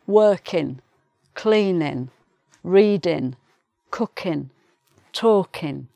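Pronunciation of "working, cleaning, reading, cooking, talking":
In 'working', 'cleaning', 'reading', 'cooking' and 'talking', the g is dropped, so each word ends in an 'in' sound rather than the ng sound.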